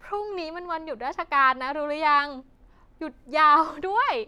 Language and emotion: Thai, happy